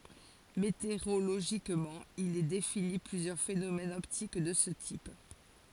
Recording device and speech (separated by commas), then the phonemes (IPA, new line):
forehead accelerometer, read sentence
meteoʁoloʒikmɑ̃ il ɛ defini plyzjœʁ fenomɛnz ɔptik də sə tip